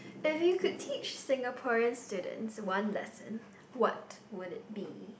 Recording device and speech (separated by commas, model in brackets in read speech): boundary microphone, conversation in the same room